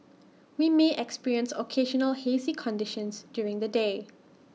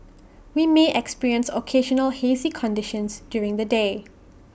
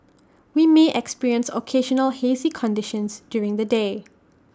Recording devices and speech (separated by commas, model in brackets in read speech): mobile phone (iPhone 6), boundary microphone (BM630), standing microphone (AKG C214), read sentence